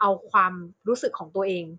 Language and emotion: Thai, neutral